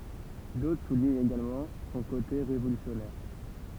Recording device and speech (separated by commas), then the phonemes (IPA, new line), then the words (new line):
temple vibration pickup, read sentence
dotʁ suliɲt eɡalmɑ̃ sɔ̃ kote ʁevolysjɔnɛʁ
D'autres soulignent également son côté révolutionnaire.